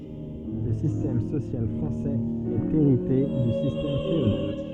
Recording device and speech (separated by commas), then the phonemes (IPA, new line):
soft in-ear microphone, read sentence
lə sistɛm sosjal fʁɑ̃sɛz ɛt eʁite dy sistɛm feodal